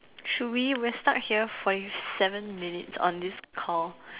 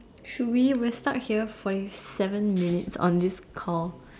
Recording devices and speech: telephone, standing microphone, conversation in separate rooms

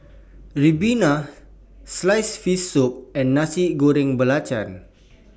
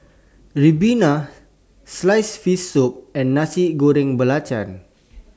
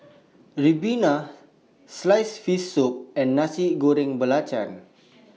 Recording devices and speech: boundary microphone (BM630), standing microphone (AKG C214), mobile phone (iPhone 6), read sentence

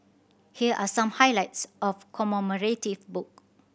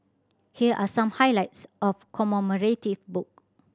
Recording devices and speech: boundary microphone (BM630), standing microphone (AKG C214), read sentence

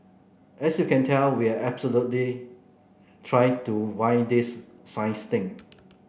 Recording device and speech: boundary microphone (BM630), read sentence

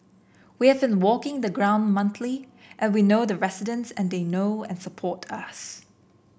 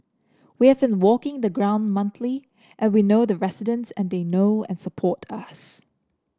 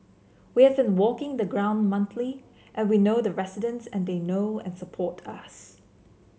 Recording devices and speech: boundary microphone (BM630), standing microphone (AKG C214), mobile phone (Samsung C7), read sentence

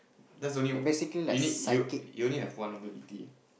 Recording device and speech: boundary microphone, conversation in the same room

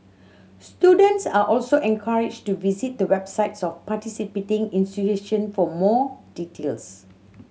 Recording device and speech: mobile phone (Samsung C7100), read sentence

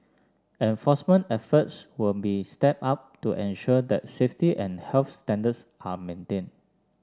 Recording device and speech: standing microphone (AKG C214), read sentence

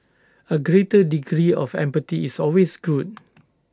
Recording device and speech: standing microphone (AKG C214), read sentence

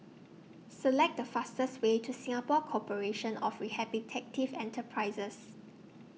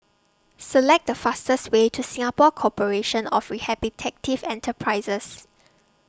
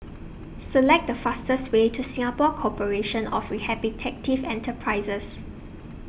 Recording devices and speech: mobile phone (iPhone 6), standing microphone (AKG C214), boundary microphone (BM630), read sentence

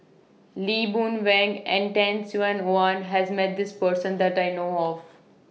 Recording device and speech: mobile phone (iPhone 6), read sentence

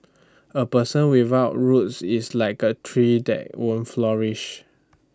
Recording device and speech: standing microphone (AKG C214), read sentence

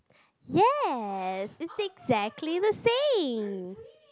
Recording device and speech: close-talking microphone, conversation in the same room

